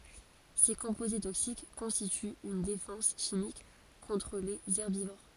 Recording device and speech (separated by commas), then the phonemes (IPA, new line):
forehead accelerometer, read sentence
se kɔ̃poze toksik kɔ̃stityt yn defɑ̃s ʃimik kɔ̃tʁ lez ɛʁbivoʁ